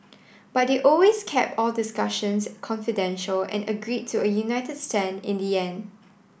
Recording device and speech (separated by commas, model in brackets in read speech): boundary microphone (BM630), read sentence